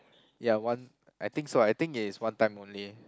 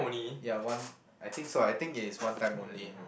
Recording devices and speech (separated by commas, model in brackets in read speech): close-talking microphone, boundary microphone, conversation in the same room